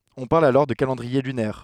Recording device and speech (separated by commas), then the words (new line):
headset microphone, read sentence
On parle alors de calendrier lunaire.